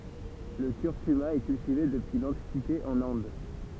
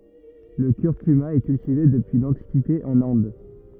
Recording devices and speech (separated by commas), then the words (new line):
temple vibration pickup, rigid in-ear microphone, read sentence
Le curcuma est cultivé depuis l'Antiquité en Inde.